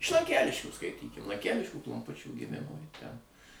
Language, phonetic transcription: Lithuanian, iš lanˈkeliškių skaiˈtykim lanˈkæliškių klomˈpučių giˈmimo ji ˈten

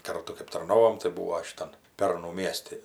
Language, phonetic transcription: Lithuanian, ˈkartu kɜp tarˈnovom tai ˈbūo šiˈtan ˈpernu ˈmiesti

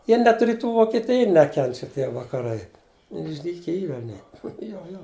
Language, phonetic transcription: Lithuanian, ˈjie net riˈtų vokeˈtija ˈnekenčia ˈtie vakaˈrai išˈdyke ˈyr aˈnie ˈjo jo

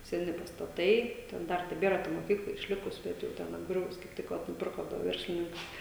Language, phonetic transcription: Lithuanian, seˈni pastaˈtai ten ˈdar teˈbėra ta moˈkykla išˈlikus ˈbet jau ˈten apˈgriuvus kaip ˈtik va nuˈpirko du ˈverslininkai

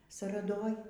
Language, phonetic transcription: Lithuanian, saraˈdoj

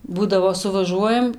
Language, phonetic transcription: Lithuanian, ˈbūdavo suvaˈžuojam

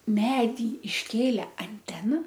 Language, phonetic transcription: Lithuanian, ˈmedy išˈkėle anˈtena

